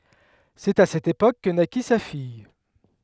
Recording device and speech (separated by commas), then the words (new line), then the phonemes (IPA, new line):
headset microphone, read sentence
C'est à cette époque que naquit sa fille.
sɛt a sɛt epok kə naki sa fij